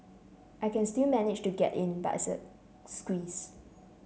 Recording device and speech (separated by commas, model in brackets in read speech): mobile phone (Samsung C7), read sentence